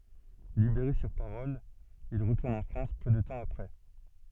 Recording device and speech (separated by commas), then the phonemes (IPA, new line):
soft in-ear microphone, read sentence
libeʁe syʁ paʁɔl il ʁətuʁn ɑ̃ fʁɑ̃s pø də tɑ̃ apʁɛ